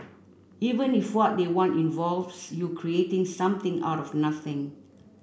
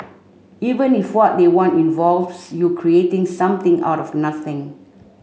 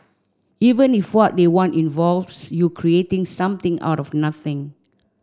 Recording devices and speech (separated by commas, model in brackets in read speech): boundary microphone (BM630), mobile phone (Samsung C5), standing microphone (AKG C214), read sentence